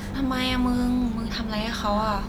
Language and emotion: Thai, neutral